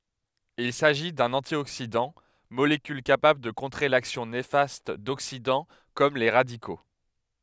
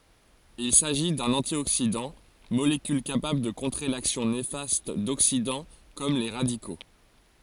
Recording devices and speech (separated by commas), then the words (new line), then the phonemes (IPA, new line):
headset microphone, forehead accelerometer, read sentence
Il s'agit d'un antioxydant, molécule capable de contrer l'action néfaste d'oxydants comme les radicaux.
il saʒi dœ̃n ɑ̃tjoksidɑ̃ molekyl kapabl də kɔ̃tʁe laksjɔ̃ nefast doksidɑ̃ kɔm le ʁadiko